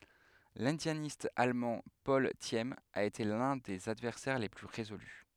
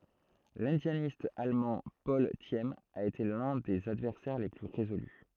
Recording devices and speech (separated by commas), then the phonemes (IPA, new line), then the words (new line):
headset microphone, throat microphone, read sentence
lɛ̃djanist almɑ̃ pɔl sim a ete lœ̃ də sez advɛʁsɛʁ le ply ʁezoly
L'indianiste allemand Paul Thieme a été l'un de ses adversaires les plus résolus.